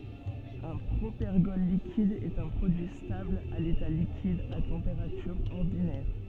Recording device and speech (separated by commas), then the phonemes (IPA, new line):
soft in-ear microphone, read sentence
œ̃ pʁopɛʁɡɔl likid ɛt œ̃ pʁodyi stabl a leta likid a tɑ̃peʁatyʁ ɔʁdinɛʁ